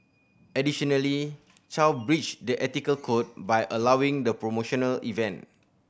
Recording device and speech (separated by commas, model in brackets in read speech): boundary microphone (BM630), read sentence